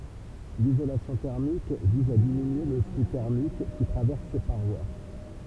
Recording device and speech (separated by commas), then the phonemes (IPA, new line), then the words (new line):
temple vibration pickup, read sentence
lizolasjɔ̃ tɛʁmik viz a diminye lə fly tɛʁmik ki tʁavɛʁs se paʁwa
L'isolation thermique vise à diminuer le flux thermique qui traverse ses parois.